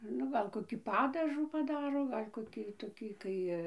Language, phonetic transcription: Lithuanian, ˈnu gal koˈkį ˈpadažų paˈdaro ˈgal' koˈkį toˈkį ˈkai

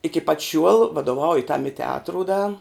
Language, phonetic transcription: Lithuanian, iki pat šiuol vadoˈvauju tam i teˈatru da

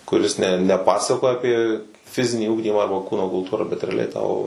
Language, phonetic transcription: Lithuanian, kuˈris ne ne ˈpasakoja aˈpie ˈfizinį ˈugdymą ˈarba ˈkūno kulˈtūra bet reaˈliai tau

